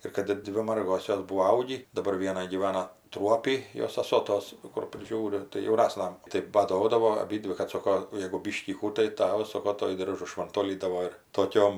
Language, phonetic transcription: Lithuanian, ir ˈkad ˈdvi ˈmargos ˈjos ˈbūo ˈaugį daˈbar ˈviena gyˈvana ˈtruopy ˈjos saˈso ˈtos kur priˈžiūri tai jauˈnasna tai baˈdodavo aˈbydvi kad ˈsoko jegu ˈbyškį ˈkų tai ˈtavas ˈsoko ˈtuoj ˈdiržu švanˈtolydavo ir toˈkiom

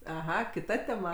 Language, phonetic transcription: Lithuanian, aˈha kiˈta teˈma

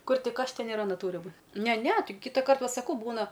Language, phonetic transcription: Lithuanian, ˈkur ˈtik ˈaš ˈten ir aˈna ˈtūri ˈbū ˈne ˈne ˈtai ˈkyta ˈkart va saˈkau ˈbūna

